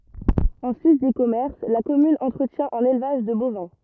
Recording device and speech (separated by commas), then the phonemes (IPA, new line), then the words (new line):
rigid in-ear microphone, read sentence
ɑ̃ sys de kɔmɛʁs la kɔmyn ɑ̃tʁətjɛ̃ œ̃n elvaʒ də bovɛ̃
En sus des commerces, la commune entretient un élevage de bovins.